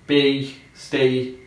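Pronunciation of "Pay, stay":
'Pay' and 'stay' are pronounced correctly here, and each ends with a y sound.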